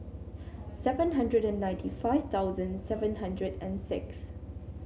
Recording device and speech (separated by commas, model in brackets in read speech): mobile phone (Samsung C7), read sentence